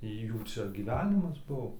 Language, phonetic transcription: Lithuanian, ˈjų ˈčia gyˈvenimas ˈbuo

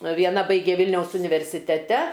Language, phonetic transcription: Lithuanian, vieˈna ˈbaigė ˈvilniaus universiteˈte

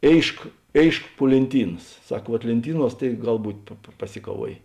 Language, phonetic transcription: Lithuanian, ˈėišk ˈėišk puo lėnˈtynas ˈsak vuot lėnˈtyˌnuos tai ˈgal ˈbūt' paˈsikaˌvuojė

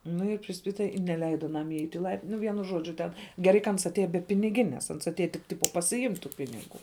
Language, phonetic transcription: Lithuanian, ˈnu i priˈspita i neˈleida aˈnam iˈeit' i ˈlaiptin ˈnu ˈvienu ˈžodžiu ˈten geˈrai ka ˈans atˈėja be piniˈginės ˈans atˈėja tik ˈtipo pasiˈimt' tų ˈpiniˌgu

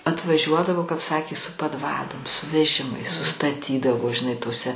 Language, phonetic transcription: Lithuanian, atvaˈžiuodavo kap ˈsakė su padˈvadom su veˈžimais sustaˈtydavo žiˈnai toˈse

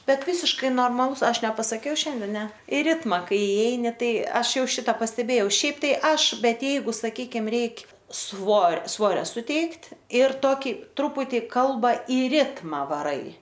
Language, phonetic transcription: Lithuanian, ˈbet ˈvysiškai normaˈlus ˈaš nepasaˈkiau ˈšiande ˈne i ˈritma ˈkai iˈeini ˈtai ˈaš ˈjau ˈšita pasteˈbėjau ˈšiaip ˈtai ˈaš ˈbet ˈjeigu saˈkykim ˈreik' ˈsvor ˈsvorio suˈteikt' ir ˈtoki ˈtruputi ˈkalba i ˈritma vaˈrai

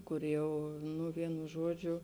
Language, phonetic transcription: Lithuanian, ˈkur ˈjau nu ˈvienu ˈžuodžiu

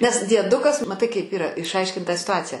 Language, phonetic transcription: Lithuanian, nes dieˈdukas maˈtai kaip ˈyra išˈaiškint tą situˈacija

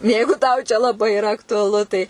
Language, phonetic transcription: Lithuanian, ˈjeigu tau ˈčia laˈbai iˈra aktuaˈlu tai

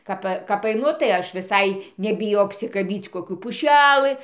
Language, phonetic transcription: Lithuanian, ˈkap kap aiˈnu tai ˈaš viˈsai nebiˈjau apsikaˈbyc koˈkių puˈšælɨ

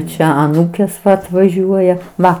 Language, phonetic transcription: Lithuanian, ˈčia aˈnūkės atvaˈžiuoja ˈva

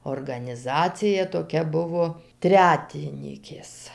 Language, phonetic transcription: Lithuanian, organiˈzacija toˈkia ˈbuvo ˈtretinykės

